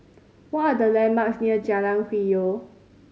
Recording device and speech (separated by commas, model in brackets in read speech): mobile phone (Samsung C5010), read sentence